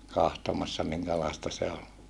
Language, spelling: Finnish, katsomassa minkälaista se oli
- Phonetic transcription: kahtomassa miŋkälàesta se ol .

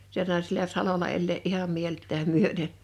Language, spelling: Finnish, sen sai siellä salolla elää ihan mieltään myöten
- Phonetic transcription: (sen sàe) sielä 'salola 'ellee’ '’iham 'mielt̆tääm 'myöteɴ .

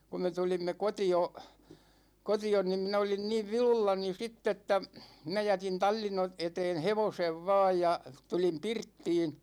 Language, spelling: Finnish, kun me tulimme kotiin kotiin niin minä olin niin vilullani sitten että minä jätin tallin - eteen hevosen vain ja tulin pirttiin
- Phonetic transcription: ku me 'tulimme "koti₍o , 'koti₍on nim min ‿olin niiv "vilullani 'sitt ‿että , 'minä 'jätin "tal͕l͕in ‿o- , 'eteen "hevosev 'vaaj ja , 'tulim 'pirttiin ,.

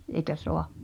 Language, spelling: Finnish, eikä saa
- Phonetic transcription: eĭkä 'soa .

